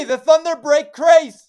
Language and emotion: English, surprised